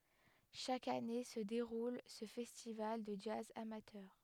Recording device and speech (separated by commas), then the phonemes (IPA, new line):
headset microphone, read sentence
ʃak ane sə deʁul sə fɛstival də dʒaz amatœʁ